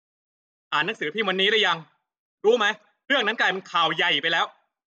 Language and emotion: Thai, angry